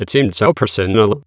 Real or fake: fake